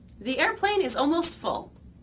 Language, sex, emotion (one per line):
English
female
neutral